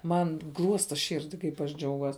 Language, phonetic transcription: Lithuanian, ˈman ˈgluosta ˈširdi kaip aš ˈdžiauguos

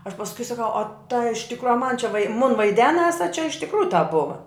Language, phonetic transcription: Lithuanian, aš pasˈkui saˈkau o ta iš ˈtikro a man čia vai mun vaiˈdenas a čia iš tikˈrųju tap ˈbuva

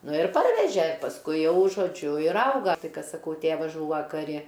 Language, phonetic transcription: Lithuanian, ˈnu ir ˈparveže pasˈkui ˈjau žoˈdžiu ir ˈauga ˈtai ˈkad saˈkau ˈtėvasˈžūva kaˈri

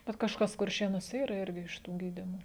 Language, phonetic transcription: Lithuanian, ˈbet kažˈkas kurˈšėnuose ˈyra ˈirgi iš ˈtų ˈgydimo

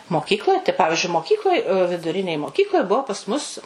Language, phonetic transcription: Lithuanian, moˈkykloj tai ˈpavižiui moˈkykloj viduˈrinėj moˈkykloj ˈbuo pas mus

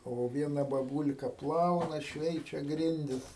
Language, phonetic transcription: Lithuanian, ˈo ˈviena baˈbul'ka ˈplauna ˈšveičia ˈgrindis

